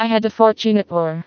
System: TTS, vocoder